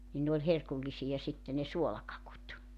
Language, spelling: Finnish, niin ne oli herkullisia sitten ne suolakakut
- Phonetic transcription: nin ne ‿oĺ 'herkullisija 'sitte ne "suolakakut .

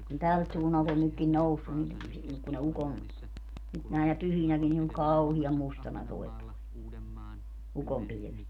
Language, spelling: Finnish, kun tältä suunnalta on nytkin noussut niin - kun ne ukon nyt näinä pyhinäkin niin on kauhean mustana tuo ukonpilvet
- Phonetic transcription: kun 'tält suunnalt ‿on 'nykkin "noussun ni , si- , ku ne 'ukom , nyt nä̀enä 'pyhinäkin ni oŋ "kauhiam 'mustana toi̮ , 'ukompilⁱvet .

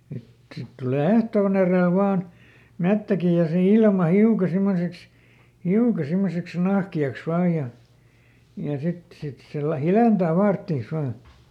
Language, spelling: Finnish, sitten sitten tulee ehtoon edellä vain metsäkin ja se ilma hiukan semmoiseksi hiukan semmoiseksi nahkeaksi vain ja ja sitten sitten se - hiljentää faarttiansa vain
- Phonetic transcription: sit , sit ˈtulè "ehtoon ‿erèl ˈvaan , ˈmettäki ja se ˈilma "hiuka ˈsimmoseks , "hiuka ˈsimmoseks "nahki₍aks vaa ja , ja ˈsit , ˈsit se lä- , "hilèntää ˈfaarttiis ˈvaa .

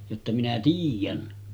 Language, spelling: Finnish, jotta minä tiedän
- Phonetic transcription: jotta » 'minä "tiij̆jän .

